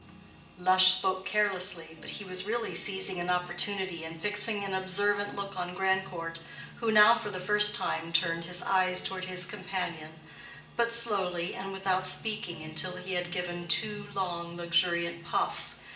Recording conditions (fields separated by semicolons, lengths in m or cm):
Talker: one person; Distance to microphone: 1.8 m; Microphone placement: close; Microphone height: 1.0 m; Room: large; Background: music